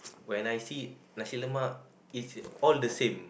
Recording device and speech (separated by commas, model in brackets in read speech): boundary microphone, conversation in the same room